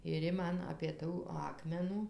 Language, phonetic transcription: Lithuanian, ir ˈji ˈman apė ˈtų ˈakmenų

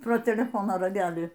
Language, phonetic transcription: Lithuanian, pro teleˈfono raˈgelį

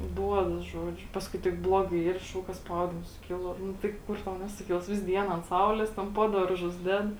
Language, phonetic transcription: Lithuanian, ˈduodas ˈžuoˌdžiu ˈpaskui tik ˈbloˌgai ˈyr ˈšauk ka ˈspaudims suˈkilo ˈnu tai ˈkur tau ˈnesuˌkils ˈvis ˈdien ant ˈsaulės ˈten ˈpo darˌžus ˈded

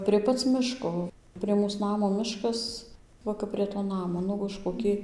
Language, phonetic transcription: Lithuanian, prie ˈpac ˈmiško prie ˈmūs ˈnamo ˈmiškas ˈva kap prie to ˈnamo ˈnu už koˈki

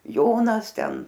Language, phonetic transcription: Lithuanian, ˈjonas ˈten

